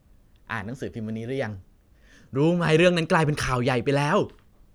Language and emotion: Thai, happy